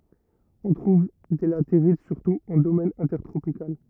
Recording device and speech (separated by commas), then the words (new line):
rigid in-ear microphone, read sentence
On trouve des latérites surtout en domaine intertropical.